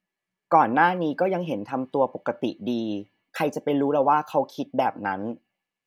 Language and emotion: Thai, frustrated